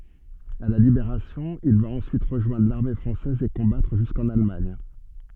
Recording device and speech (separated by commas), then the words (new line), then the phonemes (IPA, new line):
soft in-ear microphone, read sentence
À la Libération, il va ensuite rejoindre l'armée française et combattre jusqu'en Allemagne.
a la libeʁasjɔ̃ il va ɑ̃syit ʁəʒwɛ̃dʁ laʁme fʁɑ̃sɛz e kɔ̃batʁ ʒyskɑ̃n almaɲ